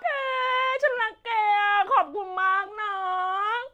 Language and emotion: Thai, happy